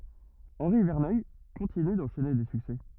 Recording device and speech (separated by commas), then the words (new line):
rigid in-ear microphone, read sentence
Henri Verneuil continue d'enchaîner des succès.